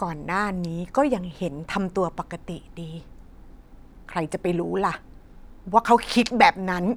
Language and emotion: Thai, frustrated